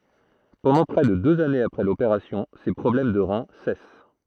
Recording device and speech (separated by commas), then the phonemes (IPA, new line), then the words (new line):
throat microphone, read sentence
pɑ̃dɑ̃ pʁɛ də døz anez apʁɛ lopeʁasjɔ̃ se pʁɔblɛm də ʁɛ̃ sɛs
Pendant près de deux années après l'opération, ses problèmes de rein cessent.